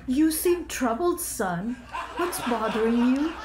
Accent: Indian accent